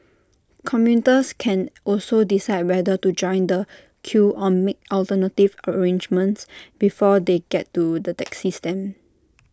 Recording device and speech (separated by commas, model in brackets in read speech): standing microphone (AKG C214), read sentence